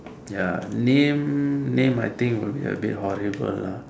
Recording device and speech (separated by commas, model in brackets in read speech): standing microphone, conversation in separate rooms